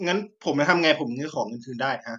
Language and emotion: Thai, frustrated